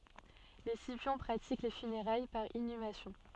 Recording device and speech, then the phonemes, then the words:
soft in-ear microphone, read sentence
le sipjɔ̃ pʁatik le fyneʁaj paʁ inymasjɔ̃
Les Scipions pratiquent les funérailles par inhumation.

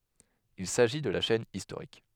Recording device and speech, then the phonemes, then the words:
headset microphone, read sentence
il saʒi də la ʃɛn istoʁik
Il s'agit de la chaîne historique.

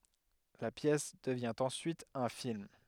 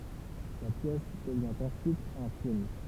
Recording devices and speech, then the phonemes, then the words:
headset microphone, temple vibration pickup, read sentence
la pjɛs dəvjɛ̃ ɑ̃ syit œ̃ film
La pièce devient en suite un film.

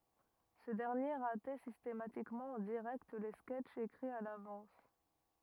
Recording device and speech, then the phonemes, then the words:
rigid in-ear microphone, read sentence
sə dɛʁnje ʁatɛ sistematikmɑ̃ ɑ̃ diʁɛkt le skɛtʃz ekʁiz a lavɑ̃s
Ce dernier ratait systématiquement en direct les sketches écrits à l'avance.

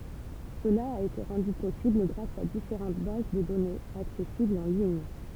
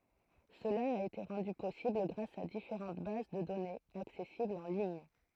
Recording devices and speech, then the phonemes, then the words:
temple vibration pickup, throat microphone, read sentence
səla a ete ʁɑ̃dy pɔsibl ɡʁas a difeʁɑ̃t baz də dɔnez aksɛsiblz ɑ̃ liɲ
Cela a été rendu possible grâce à différentes bases de données, accessibles en lignes.

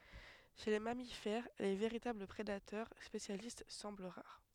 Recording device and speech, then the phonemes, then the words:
headset microphone, read sentence
ʃe le mamifɛʁ le veʁitabl pʁedatœʁ spesjalist sɑ̃bl ʁaʁ
Chez les mammifères, les véritables prédateurs spécialistes semblent rares.

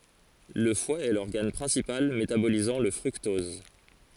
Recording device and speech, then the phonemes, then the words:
forehead accelerometer, read sentence
lə fwa ɛ lɔʁɡan pʁɛ̃sipal metabolizɑ̃ lə fʁyktɔz
Le foie est l'organe principal métabolisant le fructose.

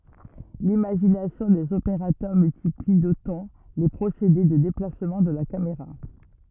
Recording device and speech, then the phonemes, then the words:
rigid in-ear microphone, read sentence
limaʒinasjɔ̃ dez opeʁatœʁ myltipli dotɑ̃ le pʁosede də deplasmɑ̃ də la kameʁa
L’imagination des opérateurs multiplie d’autant les procédés de déplacement de la caméra.

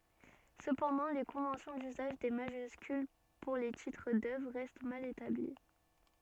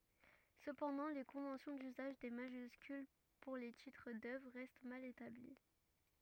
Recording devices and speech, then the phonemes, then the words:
soft in-ear microphone, rigid in-ear microphone, read sentence
səpɑ̃dɑ̃ le kɔ̃vɑ̃sjɔ̃ dyzaʒ de maʒyskyl puʁ le titʁ dœvʁ ʁɛst mal etabli
Cependant les conventions d'usage des majuscules pour les titres d'œuvres restent mal établies.

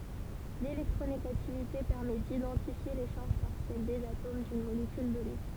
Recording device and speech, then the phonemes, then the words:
temple vibration pickup, read sentence
lelɛktʁoneɡativite pɛʁmɛ didɑ̃tifje le ʃaʁʒ paʁsjɛl dez atom dyn molekyl dɔne
L’électronégativité permet d’identifier les charges partielles des atomes d’une molécule donnée.

